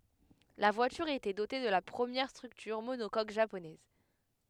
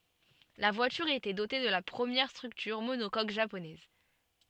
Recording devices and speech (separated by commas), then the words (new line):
headset microphone, soft in-ear microphone, read sentence
La voiture était dotée de la première structure monocoque japonaise.